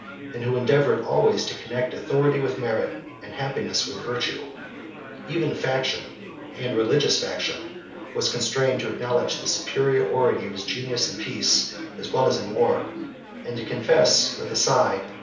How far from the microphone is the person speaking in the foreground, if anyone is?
3.0 m.